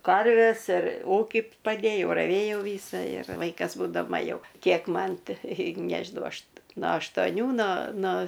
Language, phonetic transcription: Lithuanian, ˈkarves ir ˈūki paˈdėjau raˈvėjau ˈvysa ir ˈvaikas būdaˈma ˈjau ˈkiek ˈman ˈtai ˈnežinau ˈaš no aštoˈnių no no

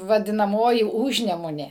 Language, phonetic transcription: Lithuanian, vadinaˈmoji ˈužnemunė

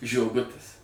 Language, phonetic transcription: Lithuanian, žioˈgutis

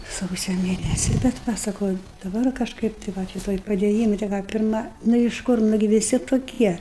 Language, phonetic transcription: Lithuanian, ˈsausio ˈmėnesi bet ˈva saˈkau i daˈbar kažˈkaip tai ˈva ˈšito i padėˈjyma te ˈką ˈpirma nu iš ˈkur ˈnugi viˈsi toˈkie

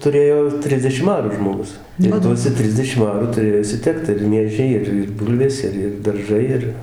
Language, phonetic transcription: Lithuanian, tuˈrėjo ˈtrisdešim ˈarų žmoˈgus ir ˈtuose ˈtrisdešim ˈarų tuˈrėjo išsiˈtekt ir ˈmiežiai ˈir ir ˈbūlvės ˈir ir darˈžai ˈir

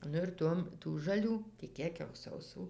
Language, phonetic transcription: Lithuanian, ˈnu ir ˈtuom tų žaˈlių ti ˈkiek jau sauˈsų

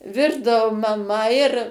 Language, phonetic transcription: Lithuanian, ˈvirdavu maˈma ir

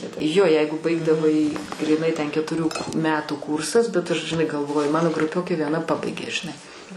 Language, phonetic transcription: Lithuanian, jo ˈjeigu ˈbaigdavai gryˈnai ten ketuˈrių ˈmetų ˈkūrsas bet aš žiˈnai galˈvoju ˈmano gruˈpiokė vieˈna ˈpabaigė žiˈnai

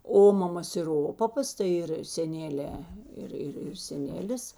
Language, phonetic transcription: Lithuanian, ˈomamas ir ˈopapas tai ˈir seˈnelė ˈir ˈir ir seˈnelis

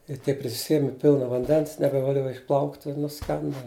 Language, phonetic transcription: Lithuanian, i ˈtiek prisiˈsieme ˈpilna vanˈdens nebevaˈliuoja išˈplaukt' i nuˈskenda

